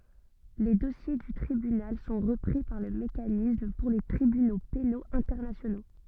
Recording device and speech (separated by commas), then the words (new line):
soft in-ear microphone, read sentence
Les dossiers du tribunal sont repris par le Mécanisme pour les Tribunaux pénaux internationaux.